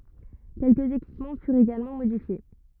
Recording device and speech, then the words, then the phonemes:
rigid in-ear microphone, read sentence
Quelques équipements furent également modifiés.
kɛlkəz ekipmɑ̃ fyʁt eɡalmɑ̃ modifje

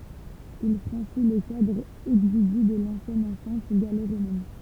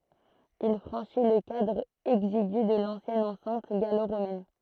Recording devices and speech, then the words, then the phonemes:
temple vibration pickup, throat microphone, read sentence
Il franchit le cadre exigu de l’ancienne enceinte gallo-romaine.
il fʁɑ̃ʃi lə kadʁ ɛɡziɡy də lɑ̃sjɛn ɑ̃sɛ̃t ɡalo ʁomɛn

